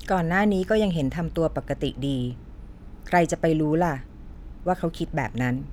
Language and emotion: Thai, neutral